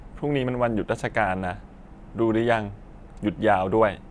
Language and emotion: Thai, neutral